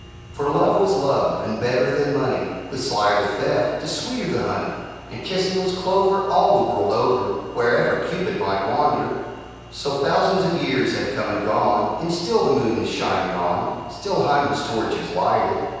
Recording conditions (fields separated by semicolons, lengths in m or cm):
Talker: one person; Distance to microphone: 7.1 m; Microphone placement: far; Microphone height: 1.7 m; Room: very reverberant, large; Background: none